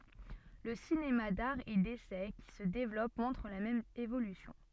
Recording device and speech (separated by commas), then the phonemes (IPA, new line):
soft in-ear microphone, read sentence
lə sinema daʁ e desɛ ki sə devlɔp mɔ̃tʁ la mɛm evolysjɔ̃